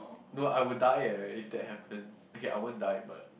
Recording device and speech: boundary microphone, conversation in the same room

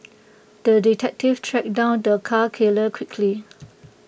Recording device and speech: boundary microphone (BM630), read sentence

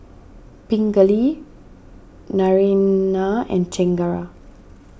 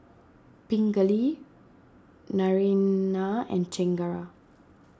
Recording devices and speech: boundary microphone (BM630), standing microphone (AKG C214), read sentence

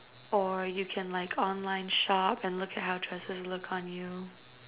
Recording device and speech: telephone, conversation in separate rooms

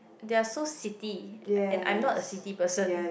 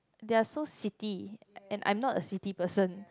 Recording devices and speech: boundary microphone, close-talking microphone, conversation in the same room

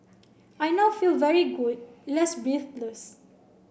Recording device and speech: boundary microphone (BM630), read sentence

